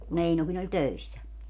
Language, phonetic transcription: Finnish, ku'n ‿Einokin ‿oĺ "töissä .
- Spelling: kun Einokin oli töissä

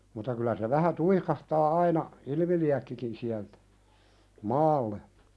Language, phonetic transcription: Finnish, mutta kylä se 'vähä "tuikahtaa 'aina , "ilⁱmiliäkkikin siältᴀ̈ , "maalle .
- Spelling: mutta kyllä se vähän tuikahtaa aina ilmiliekkikin sieltä maalle

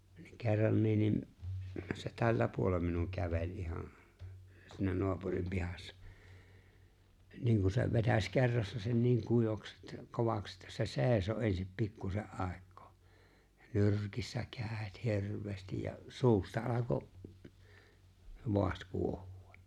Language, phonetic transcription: Finnish, niiŋ 'ke̬rranniin nim , se "tällä 'puolem minuŋ 'käveĺ '’ihan , siinä 'noapurim 'pihassᴀ , 'niiŋ ku se 'vetäś 'kerrassa sen niiŋ 'kui(vaks että) , "kovaks ‿ᴇttᴀ̈ se "se̬e̬ⁱso en̬sip 'pikkuse’ ’àek̆koo "nyr̀kissa 'kä̀et "hirv̀eestij ja , 'suusta alako , 'voaht 'kuoh(ᴜ₍ᴀ) .
- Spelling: niin kerrankin niin se tällä puolen minun käveli ihan siinä naapurin pihassa niin kun se vetäisi kerrassa sen niin kuivaksi että kovaksi että se seisoi ensin pikkuisen aikaa nyrkissä kädet hirveästi ja suusta alkoi vaahto kuohua

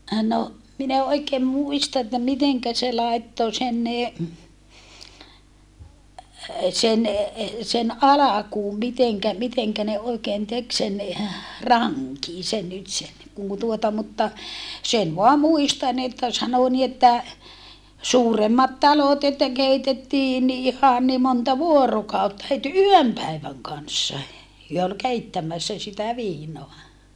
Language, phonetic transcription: Finnish, no , min ‿e oikeem muista että miteŋkä se làetto sen ne , sen alakuum miteŋkä , miteŋkä ne oikeen tek sen , raŋkin̬ sen nyt sen , kun tuota mutta , sen voa muistan ‿että sano ni että , suuremmat talot että keitettii ni ihan ni monta vuorokàutta het yöm päiväŋ kanssa , hyö ol keittämässä sitä viinoa .
- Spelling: no minä en oikein muista että miten se laittoi sen ne sen alkuun miten miten ne oikein teki sen rankin sen nyt sen kun tuota mutta sen vain muistan että sanoi niin että suuremmat talot että keitettiin niin ihan niin monta vuorokautta heti yön päivän kanssa he oli keittämässä sitä viinaa

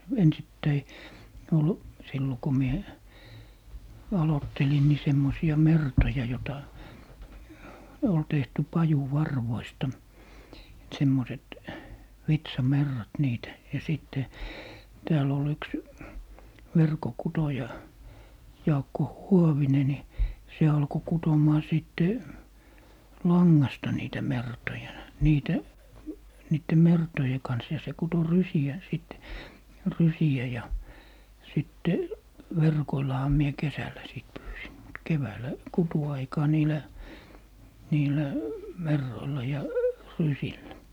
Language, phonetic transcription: Finnish, 'ensittäi , 'ol , 'sillo ko 'mie , 'alottelin ni 'semmosi₍a "mertoja 'jota , ol 'tehty "paju'varvoista , 'semmoset , "vitsa'merrat 'niit , ja 'sìtte , 'tääl ‿ol 'yks , "verko'kutoja , 'Jaakko "Huovine ni , 'se alko 'kutom̀aa 'sìtte , "laŋŋasta niitä 'mertoja , 'niitä , niitte "mertoje 'kans ja se 'kuto "rysi₍ä , 'sìt , "rysi₍ä ja , 'sitte , "verkoillaha mie 'kesällä sit 'pyysim mut 'keväällä , 'kutu₍aikaa 'niilä , 'niilä , "merroilla ja , 'rysillä .
- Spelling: ensittäin oli silloin kun minä aloittelin niin semmoisia mertoja jota oli tehty pajunvarvoista semmoiset vitsamerrat niitä ja sitten täällä oli yksi verkonkutoja Jaakko Huovinen niin se alkoi kutomaan sitten langasta niitä mertoja niitä niiden mertojen kanssa ja se kutoi rysiä sitten rysiä ja sitten verkoillahan minä kesällä sitten pyysin mutta keväällä kutuaikaan niillä niillä merroilla ja rysillä

